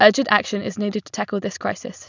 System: none